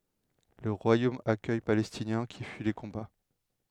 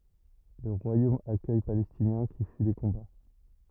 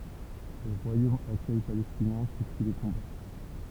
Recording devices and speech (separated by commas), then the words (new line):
headset microphone, rigid in-ear microphone, temple vibration pickup, read sentence
Le royaume accueille Palestiniens qui fuient les combats.